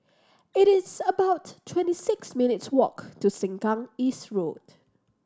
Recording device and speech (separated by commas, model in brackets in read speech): standing microphone (AKG C214), read sentence